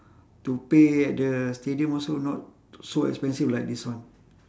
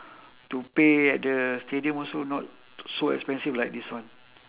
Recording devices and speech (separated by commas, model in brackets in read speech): standing microphone, telephone, conversation in separate rooms